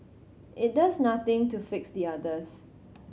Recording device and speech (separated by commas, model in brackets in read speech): mobile phone (Samsung C7100), read sentence